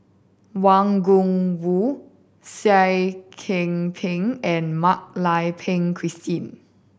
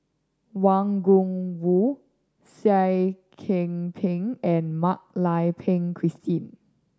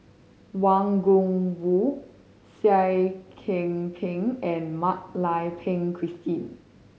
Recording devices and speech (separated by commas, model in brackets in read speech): boundary microphone (BM630), standing microphone (AKG C214), mobile phone (Samsung C5010), read sentence